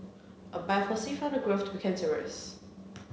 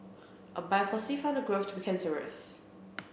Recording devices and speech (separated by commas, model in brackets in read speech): mobile phone (Samsung C7), boundary microphone (BM630), read sentence